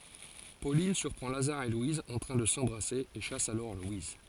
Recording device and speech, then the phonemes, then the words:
forehead accelerometer, read sentence
polin syʁpʁɑ̃ lazaʁ e lwiz ɑ̃ tʁɛ̃ də sɑ̃bʁase e ʃas alɔʁ lwiz
Pauline surprend Lazare et Louise en train de s'embrasser et chasse alors Louise.

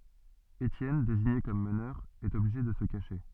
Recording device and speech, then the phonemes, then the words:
soft in-ear microphone, read sentence
etjɛn deziɲe kɔm mənœʁ ɛt ɔbliʒe də sə kaʃe
Étienne, désigné comme meneur, est obligé de se cacher.

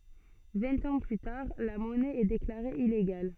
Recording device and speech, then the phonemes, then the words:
soft in-ear microphone, read sentence
vɛ̃t ɑ̃ ply taʁ la mɔnɛ ɛ deklaʁe ileɡal
Vingt ans plus tard, la monnaie est déclarée illégale.

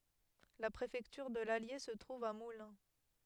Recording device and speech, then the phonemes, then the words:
headset microphone, read sentence
la pʁefɛktyʁ də lalje sə tʁuv a mulɛ̃
La préfecture de l'Allier se trouve à Moulins.

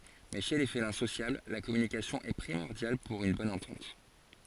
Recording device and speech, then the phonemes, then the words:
forehead accelerometer, read sentence
mɛ ʃe le felɛ̃ sosjabl la kɔmynikasjɔ̃ ɛ pʁimɔʁdjal puʁ yn bɔn ɑ̃tɑ̃t
Mais chez les félins sociables, la communication est primordiale pour une bonne entente.

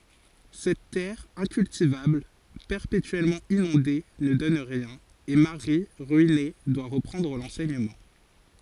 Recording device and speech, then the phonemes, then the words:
forehead accelerometer, read sentence
sɛt tɛʁ ɛ̃kyltivabl pɛʁpetyɛlmɑ̃ inɔ̃de nə dɔn ʁiɛ̃n e maʁi ʁyine dwa ʁəpʁɑ̃dʁ lɑ̃sɛɲəmɑ̃
Cette terre incultivable, perpétuellement inondée, ne donne rien, et Marie, ruinée, doit reprendre l’enseignement.

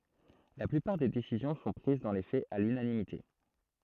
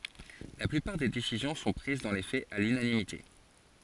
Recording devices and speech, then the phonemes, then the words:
throat microphone, forehead accelerometer, read sentence
la plypaʁ de desizjɔ̃ sɔ̃ pʁiz dɑ̃ le fɛz a lynanimite
La plupart des décisions sont prises dans les faits à l'unanimité.

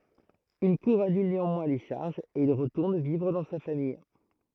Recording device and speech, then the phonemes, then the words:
throat microphone, read sentence
yn kuʁ anyl neɑ̃mwɛ̃ le ʃaʁʒz e il ʁətuʁn vivʁ dɑ̃ sa famij
Une cour annule néanmoins les charges et il retourne vivre dans sa famille.

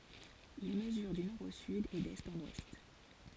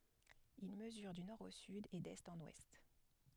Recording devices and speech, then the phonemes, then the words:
forehead accelerometer, headset microphone, read sentence
il məzyʁ dy nɔʁ o syd e dɛst ɑ̃n wɛst
Il mesure du nord au sud et d'est en ouest.

